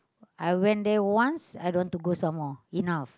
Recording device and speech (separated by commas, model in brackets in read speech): close-talking microphone, conversation in the same room